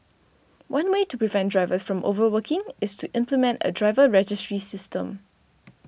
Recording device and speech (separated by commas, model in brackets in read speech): boundary microphone (BM630), read sentence